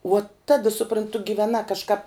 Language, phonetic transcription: Lithuanian, uo ˈta supranˈtu giveˈna kažˈkap

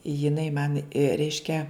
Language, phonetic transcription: Lithuanian, jiˈnai man ˈreiškia

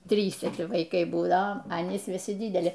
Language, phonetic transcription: Lithuanian, ˈtryse vaiˈkai būˈdao a aˈnys viˈsi ˈdydeli

